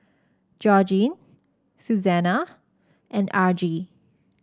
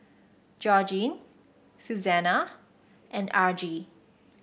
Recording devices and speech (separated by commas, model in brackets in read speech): standing microphone (AKG C214), boundary microphone (BM630), read sentence